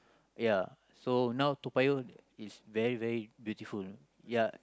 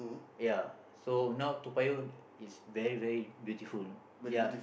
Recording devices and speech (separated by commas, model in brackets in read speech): close-talking microphone, boundary microphone, conversation in the same room